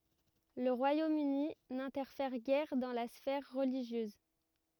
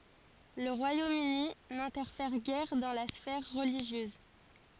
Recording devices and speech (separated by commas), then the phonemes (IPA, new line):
rigid in-ear microphone, forehead accelerometer, read sentence
lə ʁwajom yni nɛ̃tɛʁfɛʁ ɡɛʁ dɑ̃ la sfɛʁ ʁəliʒjøz